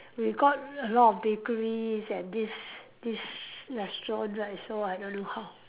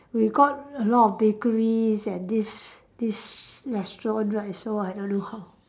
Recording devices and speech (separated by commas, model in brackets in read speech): telephone, standing microphone, conversation in separate rooms